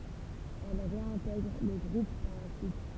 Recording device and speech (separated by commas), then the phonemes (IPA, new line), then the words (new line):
temple vibration pickup, read sentence
ɛl ʁeɛ̃tɛɡʁ lə ɡʁup paʁ la syit
Elle réintègre le groupe par la suite.